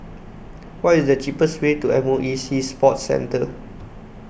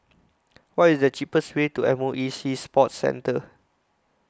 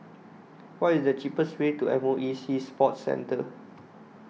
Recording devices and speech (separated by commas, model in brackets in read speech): boundary microphone (BM630), close-talking microphone (WH20), mobile phone (iPhone 6), read sentence